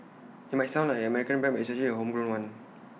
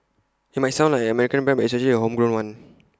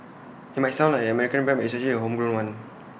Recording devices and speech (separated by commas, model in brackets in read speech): mobile phone (iPhone 6), close-talking microphone (WH20), boundary microphone (BM630), read sentence